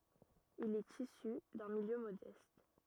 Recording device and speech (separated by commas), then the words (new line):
rigid in-ear microphone, read sentence
Il est issu d'un milieu modeste.